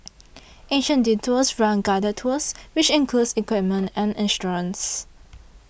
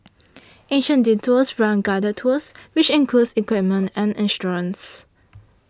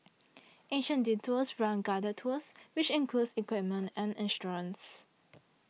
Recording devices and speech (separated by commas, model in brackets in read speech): boundary microphone (BM630), standing microphone (AKG C214), mobile phone (iPhone 6), read sentence